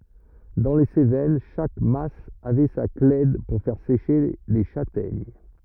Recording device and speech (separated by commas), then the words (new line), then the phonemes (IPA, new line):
rigid in-ear microphone, read sentence
Dans les Cévennes, chaque mas avait sa clède pour faire sécher les châtaignes.
dɑ̃ le sevɛn ʃak mas avɛ sa klɛd puʁ fɛʁ seʃe le ʃatɛɲ